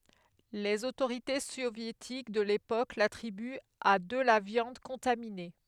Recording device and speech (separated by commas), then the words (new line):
headset microphone, read sentence
Les autorités soviétiques de l'époque l'attribuent à de la viande contaminée.